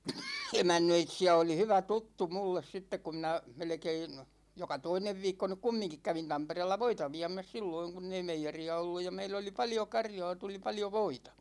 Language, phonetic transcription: Finnish, 'emännöitsi₍ä oli 'hyvä "tuttu 'mulles 'sittek ku minä , 'melᵉkein , 'joka "toinev 'viikko nyk "kummiŋkik 'kävin 'Tampereella "voita 'viä̭mäs 'silloiŋ kunn ‿ei 'meijeri₍a olluj ja 'meill ‿oli 'paljo 'karjåå , 'tuli 'paljo "voitA .
- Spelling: emännöitsijä oli hyvä tuttu minulle sitten kun minä melkein joka toinen viikko nyt kumminkin kävin Tampereella voita viemässä silloin kun ei meijeriä ollut ja meillä oli paljon karjaa tuli paljon voita

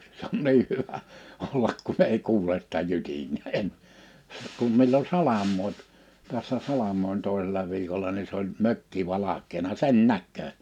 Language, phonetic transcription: Finnish, s ‿on "nii 'hyvä , 'ollak kun ‿ei 'kuules sⁱtä 'jytinee '’en , 'kum millo "salam̆moip , 'tässä "salam̀oin̳ 'tòisela viikola ni se ‿oĺ 'mökki 'valak̆keena "sen "näkköö .
- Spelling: se on niin hyvä olla kun ei kuule sitä jytinää en kun milloin salamoi tässä salamoi toisella viikolla niin se oli mökki valkeana sen näkee

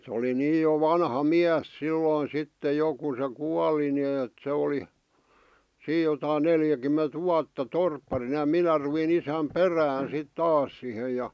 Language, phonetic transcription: Finnish, se oli 'niij jo 'vanha "miäs 'sillòⁱn̬ 'sitte 'jo ku se 'kuali nⁱ eet se oli , 'siij̆ jotain 'neljäkymment 'vuatta "torpparina ja "minä ruvin ‿isäm "perään̬ sit "taas sihe ja .
- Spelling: se oli niin jo vanha mies silloin sitten jo kun se kuoli niin että se oli siinä jotakin neljäkymmentä vuotta torpparina ja minä rupesin isän perään sitten taas siihen ja

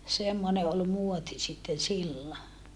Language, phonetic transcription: Finnish, semmone ol muoti sitten sillo .
- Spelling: semmoinen oli muoti sitten silloin

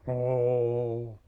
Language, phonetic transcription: Finnish, "oool .
- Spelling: oli

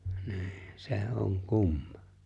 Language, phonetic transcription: Finnish, 'ni̬i̬ , 'sè̬ 'oŋ 'kumma .
- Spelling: niin se on kumma

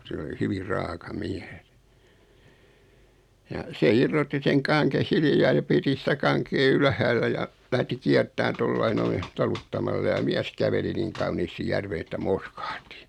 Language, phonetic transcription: Finnish, 'se oli "hyvir 'raaka 'miäs ja , 'se "irrotti seŋ 'kaŋkeʰ 'hilⁱjaa ja 'piti sⁱtä 'kaŋkee 'ylhäällä ja , lähti 'kiärt̆tään 'tollai 'noi , "taluttamalla ja 'miäs 'käveli "niŋ kauniisti "järven ‿että "mo(l)skᴀhtɪ .
- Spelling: se oli hyvin raaka mies ja se irrotti sen kangen hiljaa ja piti sitä kankea ylhäällä ja lähti kiertämään tuolla lailla noin taluttamalla ja mies käveli niin kauniisti järveen että molskahti

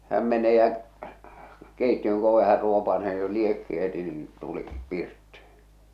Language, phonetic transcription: Finnish, 'häm mene jä͔ , 'keittiöŋ k ‿ove här 'ruopasee ni jo 'liekki heti niiḭ , tuli , 'pirttɪ .
- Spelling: hän meni ja keittiön - oven hän ruopaisee niin jo liekki heti niin tuli pirtti

